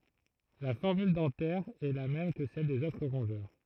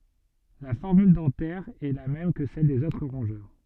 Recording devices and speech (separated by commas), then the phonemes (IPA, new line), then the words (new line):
throat microphone, soft in-ear microphone, read sentence
la fɔʁmyl dɑ̃tɛʁ ɛ la mɛm kə sɛl dez otʁ ʁɔ̃ʒœʁ
La formule dentaire est la même que celle des autres rongeurs.